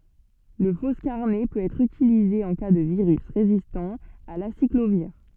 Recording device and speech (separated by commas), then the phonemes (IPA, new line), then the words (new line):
soft in-ear microphone, read sentence
lə fɔskaʁnɛ pøt ɛtʁ ytilize ɑ̃ ka də viʁys ʁezistɑ̃ a lasikloviʁ
Le foscarnet peut être utilisé en cas de virus résistant à l'aciclovir.